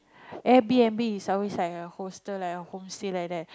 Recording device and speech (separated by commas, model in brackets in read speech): close-talking microphone, conversation in the same room